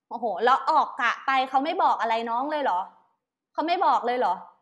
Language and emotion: Thai, angry